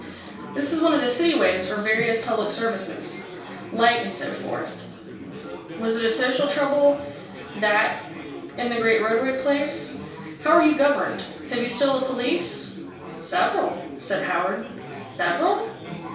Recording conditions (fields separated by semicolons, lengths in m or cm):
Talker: one person; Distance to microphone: 3.0 m; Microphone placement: far; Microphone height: 1.8 m; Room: small (3.7 m by 2.7 m); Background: babble